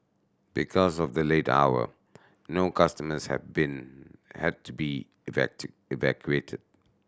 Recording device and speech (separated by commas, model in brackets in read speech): standing microphone (AKG C214), read sentence